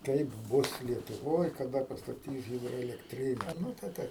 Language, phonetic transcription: Lithuanian, ˈkaip ˈbus lietuˈvoj kaˈda pastaˈtys ˌhidroelekˈtrine ˈnu tai tai

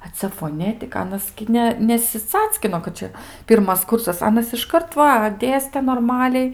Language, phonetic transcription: Lithuanian, a ˈcia foˈnetika ˈanas gi ˈne nesiˈcackino kad ˈčia ˈpyrmas ˈkursas ˈanas išˈkart ˈva ˈdėste norˈmaliai

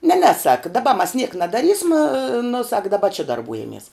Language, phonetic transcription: Lithuanian, ne ne sak daˈba mas niek nadaˈrysma nu sak daˈba či darˈbūjamies

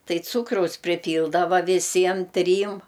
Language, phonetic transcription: Lithuanian, ˈtai ˈcūkraus priˈpyldava viˈsiem ˈtrym

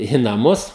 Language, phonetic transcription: Lithuanian, į naˈmus

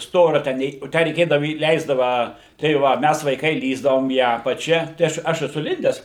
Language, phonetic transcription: Lithuanian, ˈstoria tę ˈnei o ˈtę reiˈkėdavu įˈleisdava tai ˈva ˈmæs vaiˈkai ˈlįsdavom į ˈapačia tai ˈaš ˈaš eˈsu ˈlindes

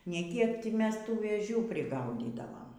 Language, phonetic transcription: Lithuanian, ne ˈkiek ˈti ˈmes ˈtų vėˈžių priˈgaudydavom

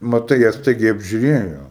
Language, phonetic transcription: Lithuanian, maˈtai ˈjie ˈstaigiai apžiuˈrėjo

